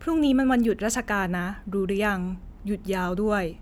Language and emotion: Thai, neutral